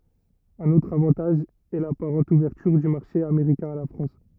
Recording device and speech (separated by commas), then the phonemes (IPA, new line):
rigid in-ear microphone, read sentence
œ̃n otʁ avɑ̃taʒ ɛ lapaʁɑ̃t uvɛʁtyʁ dy maʁʃe ameʁikɛ̃ a la fʁɑ̃s